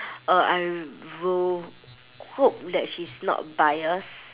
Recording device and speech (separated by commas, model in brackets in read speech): telephone, conversation in separate rooms